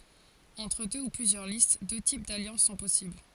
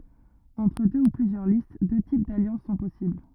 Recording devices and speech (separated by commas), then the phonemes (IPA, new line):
forehead accelerometer, rigid in-ear microphone, read sentence
ɑ̃tʁ dø u plyzjœʁ list dø tip daljɑ̃s sɔ̃ pɔsibl